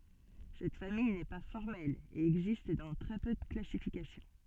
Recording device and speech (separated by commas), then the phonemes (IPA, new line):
soft in-ear microphone, read sentence
sɛt famij nɛ pa fɔʁmɛl e ɛɡzist dɑ̃ tʁɛ pø də klasifikasjɔ̃